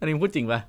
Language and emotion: Thai, neutral